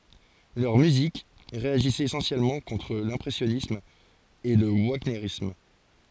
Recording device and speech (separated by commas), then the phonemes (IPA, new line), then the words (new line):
forehead accelerometer, read sentence
lœʁ myzik ʁeaʒisɛt esɑ̃sjɛlmɑ̃ kɔ̃tʁ lɛ̃pʁɛsjɔnism e lə vaɲeʁism
Leur musique réagissait essentiellement contre l'impressionnisme et le wagnérisme.